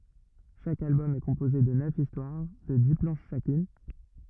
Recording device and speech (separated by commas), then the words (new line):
rigid in-ear microphone, read sentence
Chaque album est composé de neuf histoires de dix planches chacune.